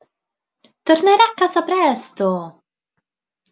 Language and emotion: Italian, happy